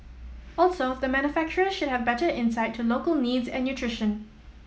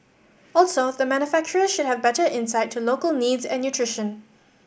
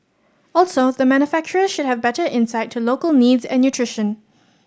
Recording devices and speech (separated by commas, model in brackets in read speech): mobile phone (iPhone 7), boundary microphone (BM630), standing microphone (AKG C214), read sentence